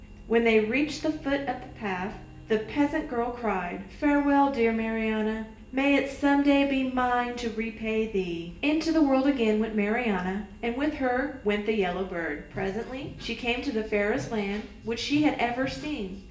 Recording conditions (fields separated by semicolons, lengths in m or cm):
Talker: one person; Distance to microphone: 1.8 m; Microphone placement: close; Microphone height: 1.0 m; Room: large; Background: music